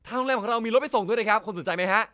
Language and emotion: Thai, happy